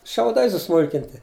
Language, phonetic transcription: Lithuanian, šiauˈdai suˈsmulkinti

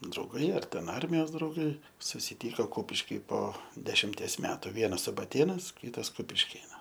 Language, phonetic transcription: Lithuanian, drauˈgai ar ten ˈarmijos drauˈgai susiˈtyko ˈkupiški po dešimˈties ˈmetu ˈvienas subaˈtėnas ˈkytas kupišˈkėnas

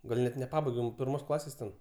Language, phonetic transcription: Lithuanian, gal' ˈnet neˈpabaigem pirˈmos ˈklasės ten

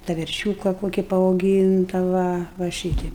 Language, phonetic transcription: Lithuanian, ta verˈšiūka ˈkoki paauˈgynta va va ˈšyteip

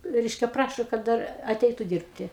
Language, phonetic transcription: Lithuanian, ˈreiškia ˈprašo kad ˈdar aˈteitu ˈdyrbti

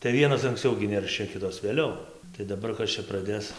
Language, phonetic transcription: Lithuanian, tai ˈvienos anksˈciau gi ˈneršia ˈkitos vėˈliau tai daˈbar ˈkas čia praˈdės

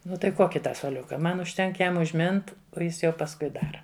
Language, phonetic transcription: Lithuanian, ˈnu ˈtai ˈkoki ˈtą suoˈliuka ˈman užˈtenk ˈjam užˈmint o ˈjis jau pasˈkui ˈdara

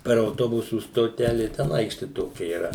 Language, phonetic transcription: Lithuanian, per auˈtobusų stoˈtelė ten ˈaikšti ˈtokia yˈra

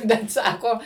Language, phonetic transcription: Lithuanian, bet ˈsako

